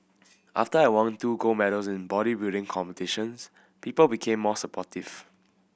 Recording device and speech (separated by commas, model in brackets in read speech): boundary microphone (BM630), read sentence